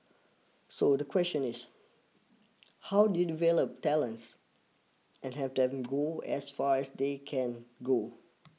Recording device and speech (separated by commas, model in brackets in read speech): mobile phone (iPhone 6), read sentence